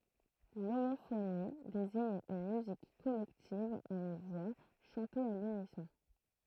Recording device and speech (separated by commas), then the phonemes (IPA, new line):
throat microphone, read sentence
lomofoni deziɲ yn myzik kɔlɛktiv a yn vwa ʃɑ̃te a lynisɔ̃